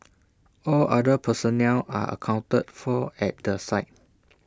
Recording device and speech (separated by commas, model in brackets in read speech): standing microphone (AKG C214), read sentence